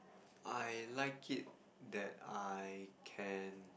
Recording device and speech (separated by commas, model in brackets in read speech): boundary microphone, conversation in the same room